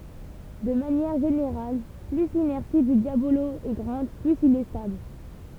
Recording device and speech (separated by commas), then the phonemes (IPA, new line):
temple vibration pickup, read sentence
də manjɛʁ ʒeneʁal ply linɛʁsi dy djabolo ɛ ɡʁɑ̃d plyz il ɛ stabl